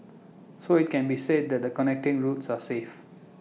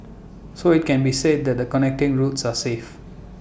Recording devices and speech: mobile phone (iPhone 6), boundary microphone (BM630), read sentence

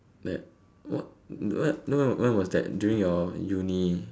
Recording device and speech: standing microphone, conversation in separate rooms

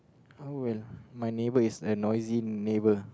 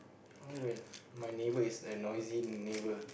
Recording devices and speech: close-talking microphone, boundary microphone, conversation in the same room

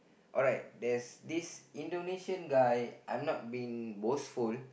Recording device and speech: boundary microphone, conversation in the same room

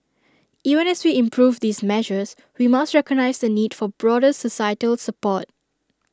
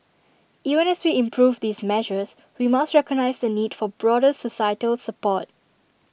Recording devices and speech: standing microphone (AKG C214), boundary microphone (BM630), read sentence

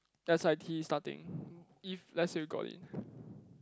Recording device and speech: close-talking microphone, conversation in the same room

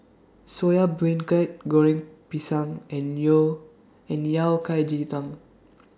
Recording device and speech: standing microphone (AKG C214), read sentence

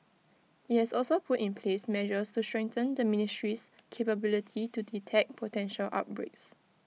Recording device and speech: mobile phone (iPhone 6), read sentence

